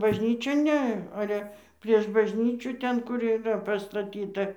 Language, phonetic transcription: Lithuanian, bažˈnyčion ˈne ˈale prieš bažˈnyčių ˈten kur yˈra pastaˈtyta

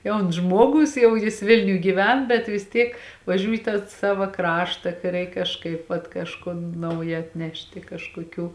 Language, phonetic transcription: Lithuanian, ˈjauns ˈžmuoˌgus ˈjau jis ˈvilniuj gyˈven bet vis ˈtiek vaˈžiūj į tą ˈsava ˈkrašta kai ˈreik kažˈkaip vat kažˈkon ˈnauja atˈnešti kažkoˈkių

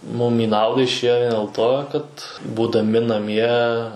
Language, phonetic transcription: Lithuanian, mum į ˈnauda išˈėjo dėl ˈto kad būdaˈmi naˈmie

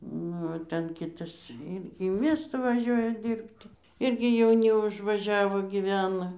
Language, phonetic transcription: Lithuanian, ˈnu o ˈten ˈkitas ˈirgi į ˈmiestą vaˈžiuoja ˈdyrbti ˈirgi jauˈni užvaˈžiavo gyˈvena

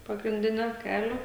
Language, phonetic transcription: Lithuanian, pagrinˈdinio ˈkelio

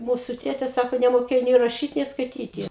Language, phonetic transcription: Lithuanian, ˈmūsu ˈtėte ˈsako nemoˈkėjo nė raˈšyt nė skaiˈtyti

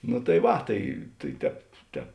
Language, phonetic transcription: Lithuanian, nu tai ˈva ˈtai tai ˈtēp ˈtēp

